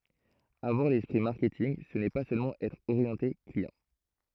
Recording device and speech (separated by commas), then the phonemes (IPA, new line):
throat microphone, read sentence
avwaʁ lɛspʁi maʁkɛtinɡ sə nɛ pa sølmɑ̃ ɛtʁ oʁjɑ̃te kliɑ̃